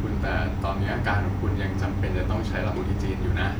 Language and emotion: Thai, neutral